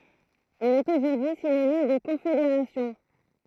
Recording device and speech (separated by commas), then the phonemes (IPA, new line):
throat microphone, read sentence
il ɛt oʒuʁdyi sinonim də kɔ̃fedeʁasjɔ̃